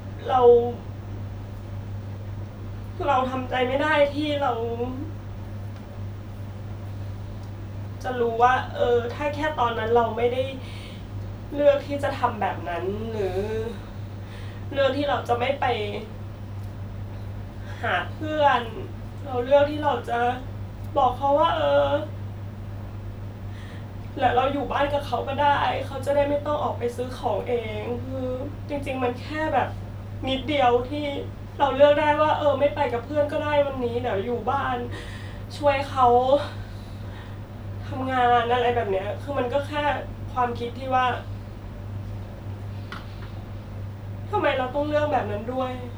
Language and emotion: Thai, sad